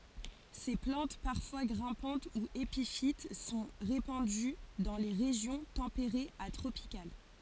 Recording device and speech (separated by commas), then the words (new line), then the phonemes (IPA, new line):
forehead accelerometer, read sentence
Ces plantes, parfois grimpantes ou épiphytes, sont répandues dans les régions tempérées à tropicales.
se plɑ̃t paʁfwa ɡʁɛ̃pɑ̃t u epifit sɔ̃ ʁepɑ̃dy dɑ̃ le ʁeʒjɔ̃ tɑ̃peʁez a tʁopikal